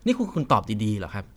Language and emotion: Thai, frustrated